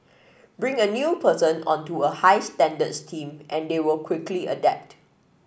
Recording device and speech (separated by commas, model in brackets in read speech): boundary microphone (BM630), read sentence